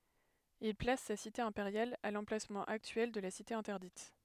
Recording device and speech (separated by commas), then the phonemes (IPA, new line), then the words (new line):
headset microphone, read sentence
il plas sa site ɛ̃peʁjal a lɑ̃plasmɑ̃ aktyɛl də la site ɛ̃tɛʁdit
Il place sa cité impériale à l'emplacement actuel de la Cité interdite.